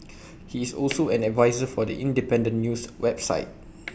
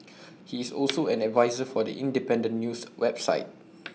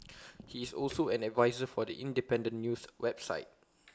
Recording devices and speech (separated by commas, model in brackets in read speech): boundary microphone (BM630), mobile phone (iPhone 6), close-talking microphone (WH20), read sentence